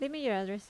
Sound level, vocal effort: 80 dB SPL, normal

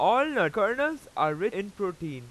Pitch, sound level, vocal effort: 190 Hz, 98 dB SPL, very loud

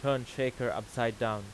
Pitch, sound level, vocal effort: 120 Hz, 91 dB SPL, loud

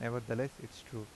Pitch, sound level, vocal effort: 115 Hz, 82 dB SPL, normal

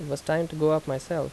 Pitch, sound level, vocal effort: 155 Hz, 83 dB SPL, normal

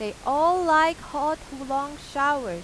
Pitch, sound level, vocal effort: 285 Hz, 95 dB SPL, loud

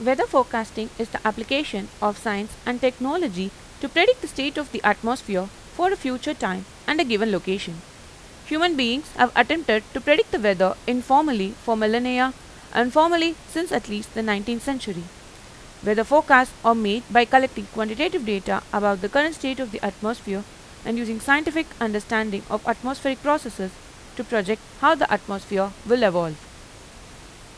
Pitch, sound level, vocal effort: 230 Hz, 89 dB SPL, normal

